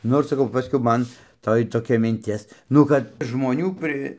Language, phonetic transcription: Lithuanian, ˈnor saˈkau ˈpaskiau ˈman ˈtoj toˈkia minˈtis ˈnu kad žmoˈnių pri

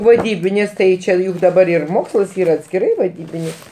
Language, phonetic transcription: Lithuanian, vaˈdybinis ˈtai ˈčė juk daˈbar ir ˈmokslas ˈyra atskiˈrai vaˈdybinis

